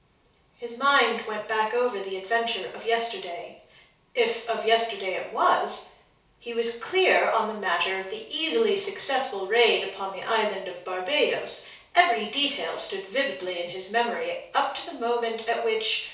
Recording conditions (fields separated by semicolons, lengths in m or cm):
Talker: one person; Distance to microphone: 3.0 m; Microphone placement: far; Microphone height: 1.8 m; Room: small (3.7 m by 2.7 m); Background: none